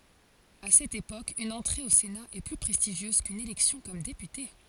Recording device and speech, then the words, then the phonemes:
forehead accelerometer, read sentence
À cette époque, une entrée au Sénat est plus prestigieuse qu'une élection comme député.
a sɛt epok yn ɑ̃tʁe o sena ɛ ply pʁɛstiʒjøz kyn elɛksjɔ̃ kɔm depyte

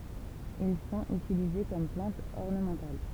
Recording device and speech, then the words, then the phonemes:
temple vibration pickup, read sentence
Ils sont utilisés comme plantes ornementales.
il sɔ̃t ytilize kɔm plɑ̃tz ɔʁnəmɑ̃tal

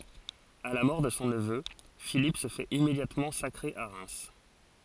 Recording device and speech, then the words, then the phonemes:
forehead accelerometer, read sentence
À la mort de son neveu, Philippe se fait immédiatement sacrer à Reims.
a la mɔʁ də sɔ̃ nəvø filip sə fɛt immedjatmɑ̃ sakʁe a ʁɛm

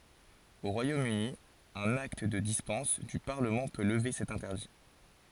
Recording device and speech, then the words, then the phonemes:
forehead accelerometer, read sentence
Au Royaume-Uni, un acte de dispense du Parlement peut lever cet interdit.
o ʁwajom yni œ̃n akt də dispɑ̃s dy paʁləmɑ̃ pø ləve sɛt ɛ̃tɛʁdi

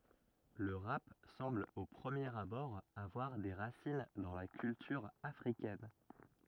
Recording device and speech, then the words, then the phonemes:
rigid in-ear microphone, read sentence
Le rap semble au premier abord avoir des racines dans la culture africaine.
lə ʁap sɑ̃bl o pʁəmjeʁ abɔʁ avwaʁ de ʁasin dɑ̃ la kyltyʁ afʁikɛn

